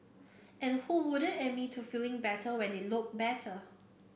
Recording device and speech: boundary microphone (BM630), read sentence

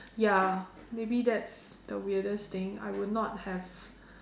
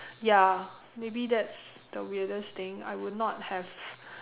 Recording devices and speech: standing microphone, telephone, conversation in separate rooms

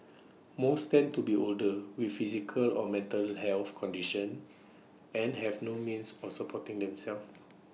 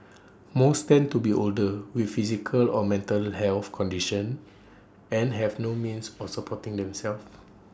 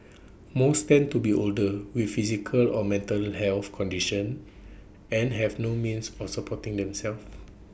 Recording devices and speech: mobile phone (iPhone 6), standing microphone (AKG C214), boundary microphone (BM630), read sentence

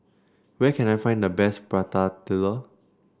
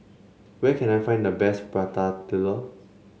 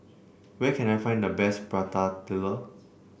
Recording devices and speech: standing microphone (AKG C214), mobile phone (Samsung C7), boundary microphone (BM630), read sentence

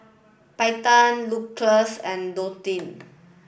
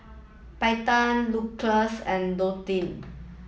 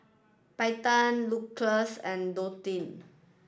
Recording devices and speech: boundary microphone (BM630), mobile phone (iPhone 7), standing microphone (AKG C214), read sentence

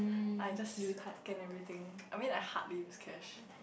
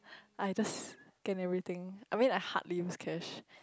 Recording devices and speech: boundary microphone, close-talking microphone, conversation in the same room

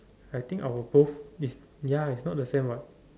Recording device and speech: standing microphone, conversation in separate rooms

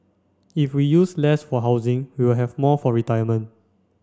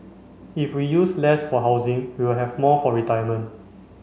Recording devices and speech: standing microphone (AKG C214), mobile phone (Samsung C5), read sentence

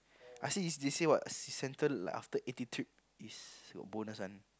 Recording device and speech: close-talking microphone, conversation in the same room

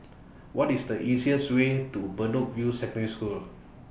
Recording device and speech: boundary microphone (BM630), read sentence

